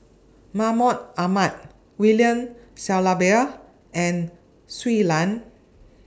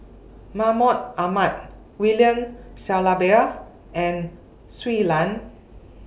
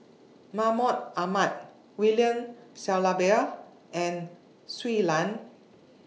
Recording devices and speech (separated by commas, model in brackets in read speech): standing microphone (AKG C214), boundary microphone (BM630), mobile phone (iPhone 6), read sentence